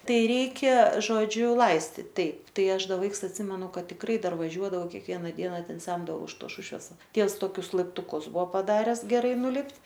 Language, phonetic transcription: Lithuanian, ˈtai ˈreikia žoˈdžiu ˈlaistit ˈtaip ˈtai ˈaš ˈda ˈvaiks atˈsimenu ˈkad tikˈrai ˈdar vaˈžiuodavau kekˈviena ˈdiena ˈten ˈsemdavau iš tos ˈšušves ˈtievs ˈtokius laiptuˈkus ˈbuo paˈdares geˈrai nuˈlipt'

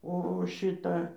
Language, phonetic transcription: Lithuanian, ˈo o ˈšita

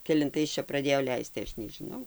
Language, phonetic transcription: Lithuanian, kelinˈtais ˈčia praˈdėjo ˈleist tai ˈaš nežiˈnau

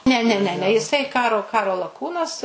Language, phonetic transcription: Lithuanian, ne ˈne ne ˈne jiˈsai ˈkaro ˈkaro laˈkūnas

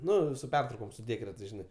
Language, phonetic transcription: Lithuanian, ˈnu su ˈpertraukom su ˈdėkretais ˈžinai

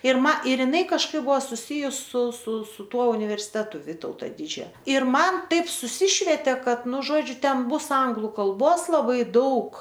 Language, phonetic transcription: Lithuanian, ir ˈma ir jiˈnai kažˈkaip ˈbuvo suˈsijus su su su ˈtuo universiˈtetu ˈvytauto ˈdidžio ir ˈman ˈtaip suˈsišvetė ˈkad ˈnu ˈžodžiu ˈten ˈbus ˈanglu kalˈbos laˈbai ˈdaug

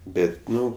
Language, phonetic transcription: Lithuanian, ˈbet' ˈnu

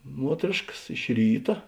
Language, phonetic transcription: Lithuanian, ˈmuotrėškas iš ˈryta

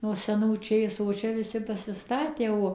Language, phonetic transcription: Lithuanian, no seˈnų ˈčėsų o ˈčia viˈsi pasiˈstatė o

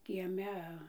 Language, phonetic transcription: Lithuanian, kieˈme

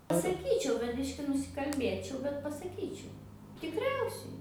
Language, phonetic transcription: Lithuanian, pasaˈkyčiau bet ˈbiški nusikalˈbėčiau bet pasaˈkyčiau tikˈriausiai

